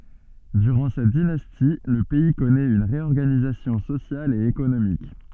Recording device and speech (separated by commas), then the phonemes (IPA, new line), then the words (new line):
soft in-ear microphone, read sentence
dyʁɑ̃ sɛt dinasti lə pɛi kɔnɛt yn ʁeɔʁɡanizasjɔ̃ sosjal e ekonomik
Durant cette dynastie, le pays connaît une réorganisation sociale et économique.